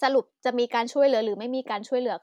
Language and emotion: Thai, frustrated